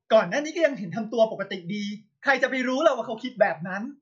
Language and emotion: Thai, angry